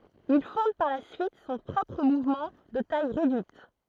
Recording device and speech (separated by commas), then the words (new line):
throat microphone, read sentence
Il fonde par la suite son propre mouvement, de taille réduite.